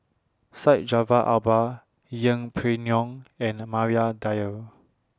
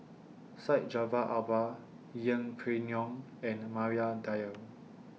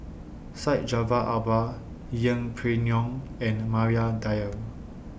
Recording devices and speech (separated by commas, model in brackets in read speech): standing microphone (AKG C214), mobile phone (iPhone 6), boundary microphone (BM630), read sentence